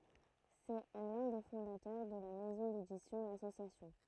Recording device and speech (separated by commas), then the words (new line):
throat microphone, read sentence
C'est l'un des fondateurs de la maison d'édition L'Association.